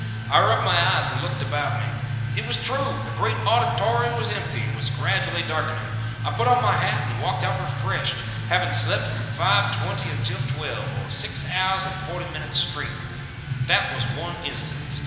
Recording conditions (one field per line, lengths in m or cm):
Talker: one person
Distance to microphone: 1.7 m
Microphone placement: close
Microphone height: 1.0 m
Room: very reverberant, large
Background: music